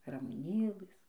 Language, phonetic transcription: Lithuanian, ramuˈnėlɘs

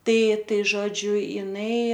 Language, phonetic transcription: Lithuanian, ˈtai ˈtai ˈžodžiu jiˈnai

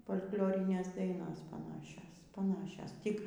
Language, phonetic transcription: Lithuanian, fol'k'ˈliorinės ˈdainos paˈnašios paˈnašios ˈtik

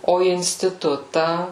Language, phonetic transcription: Lithuanian, o instiˈtutą

